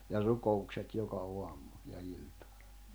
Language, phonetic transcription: Finnish, ja 'ruko₍ukset 'joka 'oammu , ja 'il̜tᴀ .
- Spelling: ja rukoukset joka aamu ja ilta

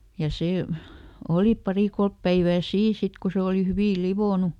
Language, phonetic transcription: Finnish, ja ˈsè , ˈoli ˈpari "kolp päivää ˈsiin̬ "sit ko ˈse oli ˈhyvì "livònu .
- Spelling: ja se oli pari kolme päivää siinä sitten kun se oli hyvin lionnut

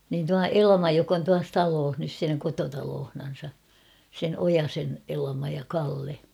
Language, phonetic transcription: Finnish, niin tua "Elma jok ‿on tuas 'talooh nys siinä 'kototaloohnan̬sa , sen 'Ojasen 'Elᵃma ja 'Kalle .
- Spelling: niin tuo Elma joka on tuossa talossa nyt siinä kotitalossansa sen Ojasen Elma ja Kalle

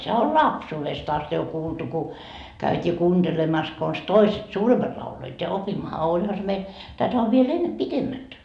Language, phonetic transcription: Finnish, sehä ol "lapsuuvest ast jo kuultu ku , käyt́ii 'kuunDelemas kons "toiset , "suuremmat lauloit ja 'opimmaha , 'oĺha se meil , tätä ov viel "enne "pitemmät .
- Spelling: sehän oli lapsuudesta asti jo kuultu kun käytiin kuuntelemassa konsa toiset suuremmat lauloivat ja opimmehan olihan se meillä tätä on vielä ennen pitemmät

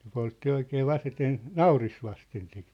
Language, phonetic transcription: Finnish, ne 'poltti 'oikee 'vaseten , "nauris vasten sit .
- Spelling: ne poltti oikein vasten nauris vasten sitä

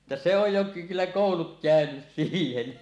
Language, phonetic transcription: Finnish, ᵉttä se ‿oj jo ky- 'kyllä 'kòulut kä̀önys 'siihen « .
- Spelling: että se on jo - kyllä koulut käynyt siihen

